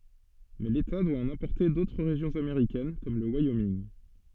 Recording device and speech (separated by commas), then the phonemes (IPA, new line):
soft in-ear microphone, read sentence
mɛ leta dwa ɑ̃n ɛ̃pɔʁte dotʁ ʁeʒjɔ̃z ameʁikɛn kɔm lə wajominɡ